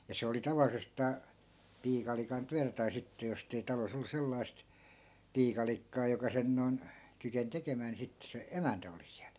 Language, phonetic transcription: Finnish, ja 'se oli 'taval̆lisestaa , 'piikalikan 'tyätä tai 'sitte jostei 'talos ‿ollu 'sellai̮st , "piikalikkaa joka 'sen non , kyken 'tekemää ni 'sitte se , "emäntä oli siäl .
- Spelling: ja se oli tavallisestaan piikalikan työtä tai sitten jos ei talossa ollut sellaista piikalikkaa joka sen noin kykeni tekemään niin sitten se emäntä oli siellä

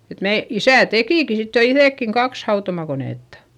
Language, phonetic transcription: Finnish, et mee , isä̀ tekìki sit jo iϑèkkiŋ kaks hautomakonèttA .
- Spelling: että me isä tekikin sitten jo itsekin kaksi hautomakonetta

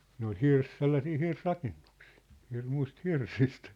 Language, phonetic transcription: Finnish, ne ‿ol "hirs- , 'sellasii 'hirs'rakennuksɪɪ , 'hirmuĭst 'hirsist .
- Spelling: ne oli - sellaisia hirsirakennuksia hirmuisista hirsistä

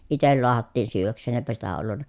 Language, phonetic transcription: Finnish, itel loahattiin syyv̀äks̀een eepä sitä ollunna ,.
- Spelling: itse lahdattiin syödäkseen eipä sitä ollut

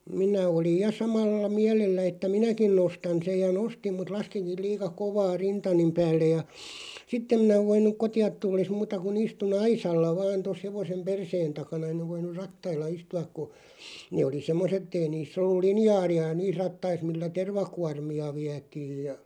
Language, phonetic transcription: Finnish, 'minä oliʲ "ja 'samalla 'miälellä että "minäkin 'nostan̬ sej ja 'nostim mut 'laskiŋkiˡ 'liika "kovaa 'rintanim 'päällej ja , 'sitt ‿em minä 'voin̆§nuk "koti₍at 'tulles 'muuta ku'n ‿istu"n ‿aisalla 'vaan tos 'hevosem "perseen 'takana (en̆§n ‿ov) 'voiǹur "rattailla 'istu₍ak ku , 'nee oli 'semmoset [et]tei niiss ‿ollul "linjaaði₍a "niis 'rattais millä "tervakuarmi₍a 'viätiij ja ,.
- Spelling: minä olin ja samalla mielellä että minäkin nostan sen ja nostin mutta laskinkin liian kovaa rintani päälle ja sitten en minä voinut kotiin tullessa muuta kuin istuin aisalla vain tuossa hevosen perseen takana en ole voinut rattailla istua kun ne oli semmoiset että ei niissä ollut linjaalia niissä rattaissa millä tervakuormia vietiin ja

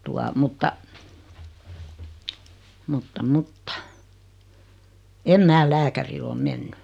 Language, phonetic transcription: Finnish, 'tua , mutta , 'mutta "mutta , 'em "mää "lääkäri'l ‿om "menny .
- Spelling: tuota mutta mutta mutta en minä lääkärille ole mennyt

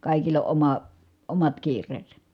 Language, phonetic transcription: Finnish, kàikill ‿o ʼoma , omat kiir̀eesä .
- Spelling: kaikilla on oma omat kiireensä

